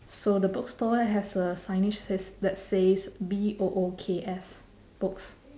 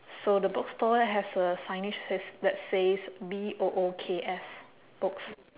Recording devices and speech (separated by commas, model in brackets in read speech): standing microphone, telephone, conversation in separate rooms